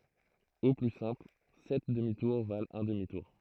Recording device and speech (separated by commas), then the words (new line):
throat microphone, read sentence
Au plus simple, sept demi-tours valent un demi-tour.